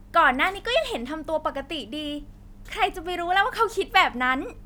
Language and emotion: Thai, happy